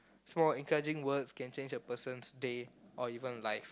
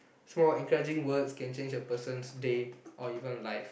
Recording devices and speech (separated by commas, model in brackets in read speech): close-talking microphone, boundary microphone, conversation in the same room